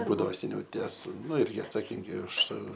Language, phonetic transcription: Lithuanian, ˈbūdavo seˈniau ˈties ˈnu ˈirgi atsaˈkingi už

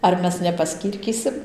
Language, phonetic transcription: Lithuanian, ar ˈmes nepaˈskyrkysim

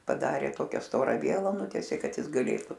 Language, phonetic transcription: Lithuanian, paˈdarė ˈtokia ˈstora ˈviela ˈnutiesė ˈkad ˈjis gaˈlėtu

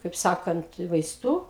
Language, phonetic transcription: Lithuanian, kaip ˈsakant vaiˈstų

